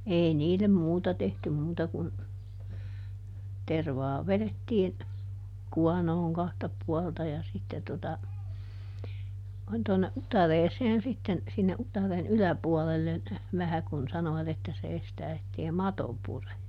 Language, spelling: Finnish, ei niille muuta tehty muuta kuin tervaa vedettiin kuonoon kahta puolta ja sitten tuota noin tuonne utareeseen sitten sinne utareen yläpuolelle vähän kun sanoivat että se estää että ei mato pure
- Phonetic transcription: ˈei ˈniilem ˈmuuta tehtym ˈmuuta kun , ˈtervaa ˈveδettiin , "kuanooŋ ˈkahta ˈpualta ja sitte tota , (noin) tonne "ʼutareeseen ˈsitten , sinne ˈʼutaren "yläpuɔlellen , ˈvähä kun ˈsanovat ‿että se ˈestää ettei "mato ˈpure .

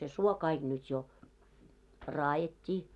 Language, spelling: Finnish, se suo kaikki nyt jo raadettiin
- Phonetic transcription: se 'suo kaiɢ nyt jo , 'raajet́t́ii .

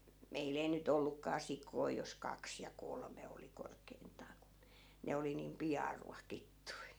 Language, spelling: Finnish, meillä ei nyt ollutkaan sikoja jos kaksi ja kolme oli korkeintaan kun ne oli niin pian ruokittu
- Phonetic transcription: "meil ‿ei ny't ‿ollukkaa 'sikoi jos 'kaks ja "kolme oli 'korkeint̀aa ku , 'ne oli niim "piʲaa 'ruakittui .

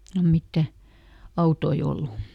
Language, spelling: Finnish, silloin mitään autoja ollut
- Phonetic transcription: ˈsillom ˈmittä , "autoi ˈollu .

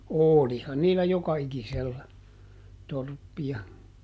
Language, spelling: Finnish, olihan niillä joka ikisellä torppia
- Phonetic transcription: "òlihan niillä ˈjoka₍ikisellä , ˈtorppi₍a .

